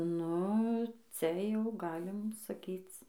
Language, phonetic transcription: Lithuanian, ˈnu ˈcia jau ˈgalim saˈkyc

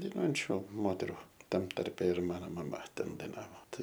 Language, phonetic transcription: Lithuanian, daiˈnuojančiu ˈmoteru ˈtam ˈtarpe ir ˈmano maˈma ˈten daiˈnavo ˈtai

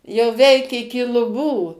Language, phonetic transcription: Lithuanian, jau ˈveik iki luˈbų

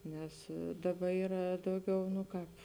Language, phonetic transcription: Lithuanian, ˈnes ˈdaˌba ˈyra ˈdauˌgiau nu ˈkāp

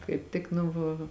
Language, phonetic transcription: Lithuanian, kaip ˈtik nu va

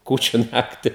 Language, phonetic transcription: Lithuanian, ˈkūčiu ˈnakti

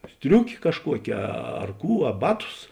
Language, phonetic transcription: Lithuanian, ˈstriukė kažˈkuokė ˈar ˈkų a ˈbaˌtus

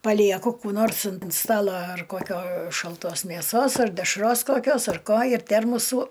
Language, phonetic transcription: Lithuanian, paˈlieku ˈkų nors ant ˈstala ar koˈkio šalˈtos mėˈsos ar dešˈros koˈkios ar ˈko ir ˈtermusų

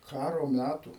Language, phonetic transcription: Lithuanian, ˈkaro ˈmætų

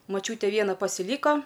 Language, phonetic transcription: Lithuanian, moˈčiūtė ˈviena pasiˈlyko

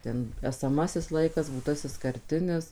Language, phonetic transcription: Lithuanian, ˈten esaˈmasis ˈlaikas būˈtasis karˈtinis

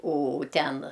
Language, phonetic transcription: Lithuanian, o ˈten

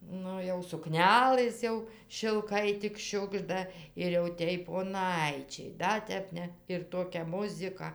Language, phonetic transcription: Lithuanian, ˈnu jau suˈknelɘs jau šilˈkai tik ˈšiugžda ir jau ˈtėj poˈnaičiai ˈda tep ˈne ir ˈtokia ˈmuzika

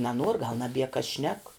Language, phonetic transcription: Lithuanian, naˈnuor gal naˈbie kas šnek

